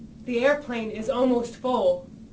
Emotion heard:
neutral